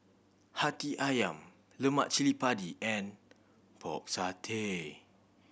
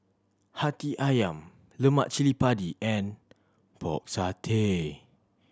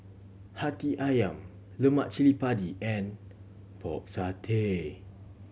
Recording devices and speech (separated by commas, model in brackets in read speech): boundary microphone (BM630), standing microphone (AKG C214), mobile phone (Samsung C7100), read sentence